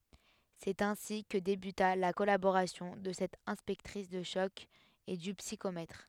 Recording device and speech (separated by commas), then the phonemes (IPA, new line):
headset microphone, read sentence
sɛt ɛ̃si kə debyta la kɔlaboʁasjɔ̃ də sɛt ɛ̃spɛktʁis də ʃɔk e dy psikomɛtʁ